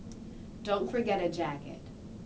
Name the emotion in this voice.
neutral